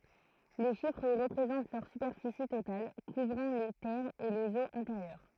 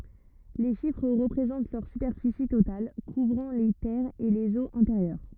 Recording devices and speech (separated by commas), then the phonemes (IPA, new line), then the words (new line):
throat microphone, rigid in-ear microphone, read sentence
le ʃifʁ ʁəpʁezɑ̃t lœʁ sypɛʁfisi total kuvʁɑ̃ le tɛʁz e lez oz ɛ̃teʁjœʁ
Les chiffres représentent leur superficie totale, couvrant les terres et les eaux intérieures.